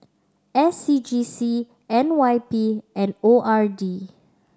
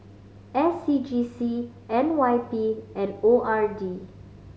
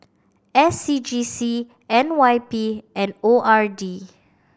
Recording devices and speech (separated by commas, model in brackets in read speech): standing microphone (AKG C214), mobile phone (Samsung C5010), boundary microphone (BM630), read sentence